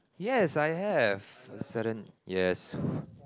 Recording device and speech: close-talking microphone, conversation in the same room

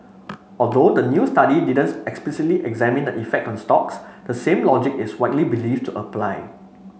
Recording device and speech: mobile phone (Samsung C5), read sentence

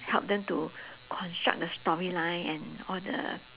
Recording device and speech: telephone, conversation in separate rooms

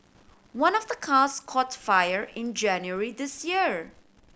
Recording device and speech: boundary microphone (BM630), read sentence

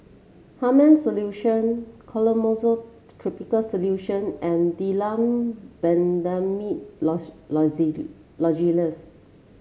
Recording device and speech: mobile phone (Samsung C7), read sentence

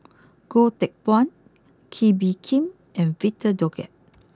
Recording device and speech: close-talking microphone (WH20), read sentence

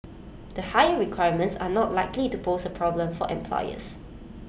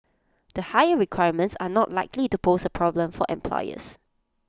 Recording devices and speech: boundary microphone (BM630), close-talking microphone (WH20), read sentence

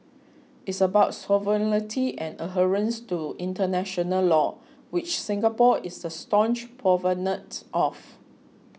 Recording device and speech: mobile phone (iPhone 6), read sentence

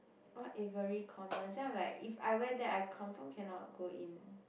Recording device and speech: boundary microphone, conversation in the same room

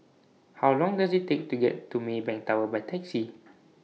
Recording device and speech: mobile phone (iPhone 6), read sentence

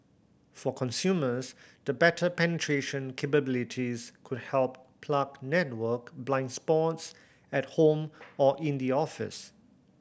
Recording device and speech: boundary microphone (BM630), read sentence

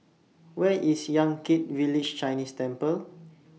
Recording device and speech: mobile phone (iPhone 6), read sentence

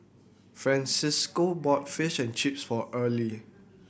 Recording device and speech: boundary microphone (BM630), read sentence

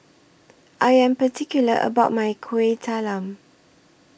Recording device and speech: boundary microphone (BM630), read sentence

